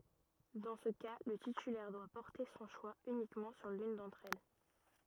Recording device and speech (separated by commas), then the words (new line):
rigid in-ear microphone, read sentence
Dans ce cas le titulaire doit porter son choix uniquement sur l'une d'entre elles.